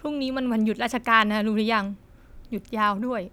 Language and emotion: Thai, sad